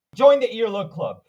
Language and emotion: English, angry